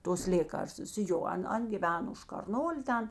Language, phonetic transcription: Lithuanian, tos ˈlėkarstus ˈjo ˈan ˈan giˈveno už karˈnolė ˈten

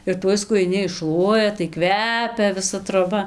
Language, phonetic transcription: Lithuanian, ir ˈtuoj skujiˈni išˈšluoja tai ˈkvepia viˈsa troˈba

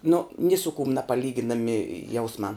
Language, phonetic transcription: Lithuanian, nu ni su kum napaˈlyginami ˈjausmā

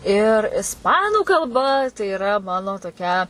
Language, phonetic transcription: Lithuanian, ir isˈpanų kalˈba tai iˈra ˈmano toˈkia

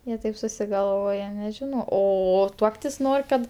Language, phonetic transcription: Lithuanian, ˈjie ˈtaip susigalˈvoja neˈžino ˈo ˈtuoktis ˈnor' kad

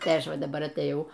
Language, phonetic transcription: Lithuanian, tai ˈaš ˈva daˈbar atėˈjau

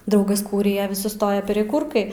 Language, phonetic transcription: Lithuanian, ˈdaugas ˈkūrija vis suˈstoja pereˈkūrkai

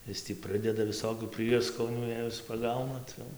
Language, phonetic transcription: Lithuanian, ˈis tį ˈprɨdeda viˈsokių ˈprieskonių ˈjei is paˈgauna ˈcia jau

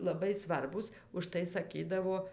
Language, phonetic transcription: Lithuanian, laˈbai ˈsvarbūs užˈtai saˈkydavo

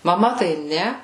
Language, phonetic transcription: Lithuanian, maˈma tai ˈne

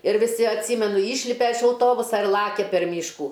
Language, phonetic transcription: Lithuanian, ir viˈsi atˈsymenu ˈyšlipe iš auˈtobusa ir ˈlakia per ˈmyškų

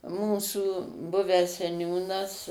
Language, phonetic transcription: Lithuanian, ˈmūsų ˈbuvęs seˈniūnas

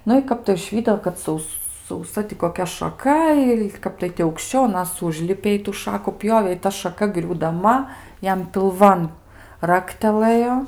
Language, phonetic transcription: Lithuanian, ˈnu i ˈkap tai užˈvydo kad ˈsaus sauˈsa ti koˈkia šaˈka i ˈkap tai ti aukšˈčiau aˈnas ˈužlipė i tų ˈšaku ˈpjovė i ˈta šaˈka griūdaˈma ˈjam pilˈvan ˈraktelɘjo

